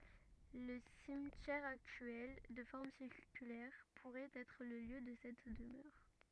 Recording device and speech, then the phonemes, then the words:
rigid in-ear microphone, read sentence
lə simtjɛʁ aktyɛl də fɔʁm siʁkylɛʁ puʁɛt ɛtʁ lə ljø də sɛt dəmœʁ
Le cimetière actuel, de forme circulaire, pourrait être le lieu de cette demeure.

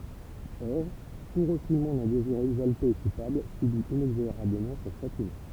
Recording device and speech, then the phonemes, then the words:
temple vibration pickup, read sentence
ɔʁ tu ʁəfulmɑ̃ dœ̃ deziʁ ɛɡzalte e kupabl sybi inɛɡzoʁabləmɑ̃ sɔ̃ ʃatimɑ̃
Or, tout refoulement d'un désir exalté et coupable subit inexorablement son châtiment.

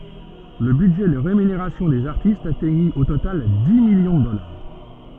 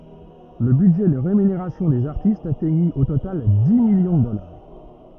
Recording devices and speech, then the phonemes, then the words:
soft in-ear microphone, rigid in-ear microphone, read sentence
lə bydʒɛ də ʁemyneʁasjɔ̃ dez aʁtistz atɛɲi o total di miljɔ̃ də dɔlaʁ
Le budget de rémunération des artistes atteignit au total dix millions de dollars.

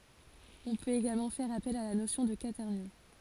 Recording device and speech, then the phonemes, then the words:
forehead accelerometer, read sentence
ɔ̃ pøt eɡalmɑ̃ fɛʁ apɛl a la nosjɔ̃ də kwatɛʁnjɔ̃
On peut également faire appel à la notion de quaternions.

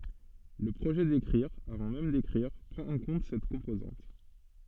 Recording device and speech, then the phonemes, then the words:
soft in-ear microphone, read sentence
lə pʁoʒɛ dekʁiʁ avɑ̃ mɛm dekʁiʁ pʁɑ̃t ɑ̃ kɔ̃t sɛt kɔ̃pozɑ̃t
Le projet d'écrire, avant même d'écrire, prend en compte cette composante.

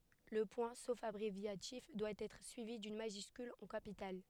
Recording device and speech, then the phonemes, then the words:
headset microphone, read sentence
lə pwɛ̃ sof abʁevjatif dwa ɛtʁ syivi dyn maʒyskyl ɑ̃ kapital
Le point, sauf abréviatif, doit être suivi d'une majuscule en capitale.

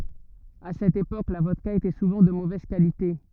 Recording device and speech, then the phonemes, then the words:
rigid in-ear microphone, read sentence
a sɛt epok la vɔdka etɛ suvɑ̃ də movɛz kalite
À cette époque, la vodka était souvent de mauvaise qualité.

